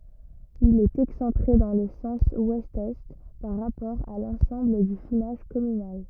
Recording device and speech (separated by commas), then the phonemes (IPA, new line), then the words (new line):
rigid in-ear microphone, read sentence
il ɛt ɛksɑ̃tʁe dɑ̃ lə sɑ̃s wɛst ɛ paʁ ʁapɔʁ a lɑ̃sɑ̃bl dy finaʒ kɔmynal
Il est excentré dans le sens ouest-est par rapport à l'ensemble du finage communal.